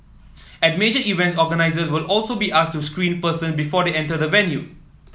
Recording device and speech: mobile phone (iPhone 7), read sentence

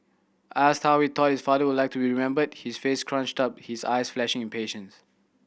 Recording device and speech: boundary microphone (BM630), read sentence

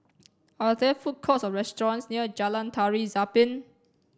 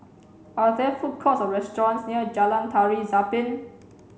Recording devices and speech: standing microphone (AKG C214), mobile phone (Samsung C7), read sentence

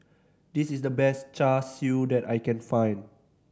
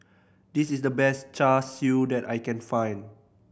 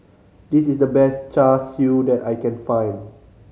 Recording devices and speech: standing microphone (AKG C214), boundary microphone (BM630), mobile phone (Samsung C5010), read sentence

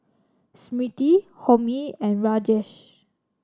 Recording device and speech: standing microphone (AKG C214), read sentence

